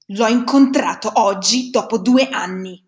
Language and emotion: Italian, angry